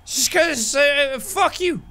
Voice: drunken voice